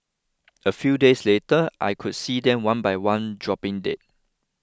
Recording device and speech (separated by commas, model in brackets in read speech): close-talking microphone (WH20), read sentence